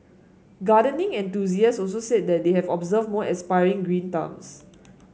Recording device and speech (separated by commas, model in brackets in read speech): mobile phone (Samsung S8), read sentence